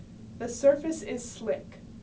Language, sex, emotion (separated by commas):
English, female, neutral